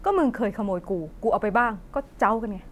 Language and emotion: Thai, angry